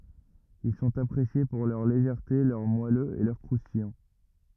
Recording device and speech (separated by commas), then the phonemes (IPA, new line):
rigid in-ear microphone, read sentence
il sɔ̃t apʁesje puʁ lœʁ leʒɛʁte lœʁ mwaløz e lœʁ kʁustijɑ̃